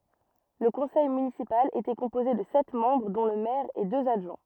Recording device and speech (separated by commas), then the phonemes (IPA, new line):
rigid in-ear microphone, read sentence
lə kɔ̃sɛj mynisipal etɛ kɔ̃poze də sɛt mɑ̃bʁ dɔ̃ lə mɛʁ e døz adʒwɛ̃